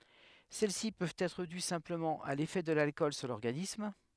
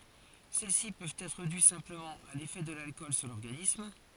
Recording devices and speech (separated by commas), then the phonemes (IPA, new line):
headset microphone, forehead accelerometer, read sentence
sɛlɛsi pøvt ɛtʁ dy sɛ̃pləmɑ̃ a lefɛ də lalkɔl syʁ lɔʁɡanism